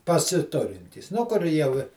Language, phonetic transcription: Lithuanian, pasiˈturintys ˈnu kur ˈjau i

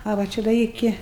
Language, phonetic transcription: Lithuanian, a va ˈčia da ˈiki

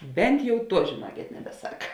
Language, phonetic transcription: Lithuanian, ˈbent jau ˈtuo žėˈnuokėt nebeˈsak

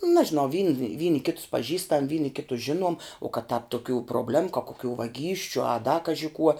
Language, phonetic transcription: Lithuanian, ˈnažinau vyn ˈvyni ˈkitus paˈžįstam ˈvyni ˈkitus ˈžinuom u kad tāp tuˈkių probˈlemu ka koˈkių vaˈgysčiu a da ˈkaži kuo

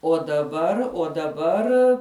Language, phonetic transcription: Lithuanian, o daˈbar o daˈbar

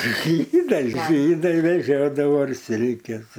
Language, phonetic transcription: Lithuanian, ˈžydai ˈžydai veˈžiodavo ir ˈsilkes

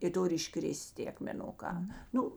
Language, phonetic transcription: Lithuanian, i ˈturi iˈškris't' tė akmeˈnuˌkā ˈnu

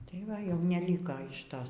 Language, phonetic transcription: Lithuanian, tai ˈva jau neˈlyka iš ˈtos

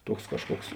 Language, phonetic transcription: Lithuanian, ˈtuoks ˈkažˌkuoks

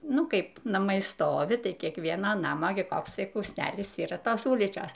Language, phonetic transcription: Lithuanian, ˈnu ˈkaip naˈmai ˈstovi ˈtai kiekˈviena ˈnama gi ˈkoks ˈtai kųsˈnelis ˈyra ˈtos ˈulyčios

